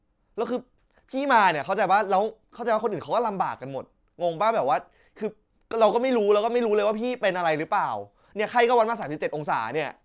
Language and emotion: Thai, frustrated